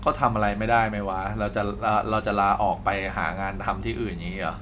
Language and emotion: Thai, frustrated